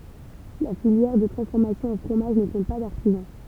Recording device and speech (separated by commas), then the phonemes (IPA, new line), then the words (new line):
temple vibration pickup, read sentence
la filjɛʁ də tʁɑ̃sfɔʁmasjɔ̃ ɑ̃ fʁomaʒ nə kɔ̃t pa daʁtizɑ̃
La filière de transformation en fromage ne compte pas d'artisan.